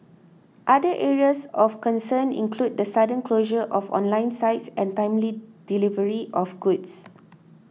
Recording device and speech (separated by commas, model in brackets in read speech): mobile phone (iPhone 6), read sentence